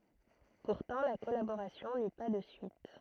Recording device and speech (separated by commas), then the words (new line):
throat microphone, read sentence
Pourtant la collaboration n'eut pas de suite.